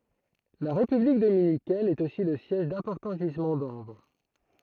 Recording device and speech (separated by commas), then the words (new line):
throat microphone, read sentence
La République dominicaine est aussi le siège d'importants gisements d'ambre.